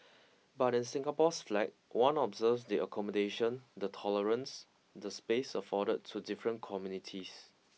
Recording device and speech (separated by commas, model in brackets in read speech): mobile phone (iPhone 6), read sentence